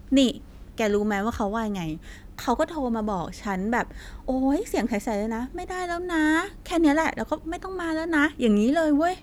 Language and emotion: Thai, frustrated